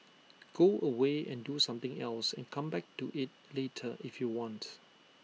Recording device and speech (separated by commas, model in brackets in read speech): mobile phone (iPhone 6), read sentence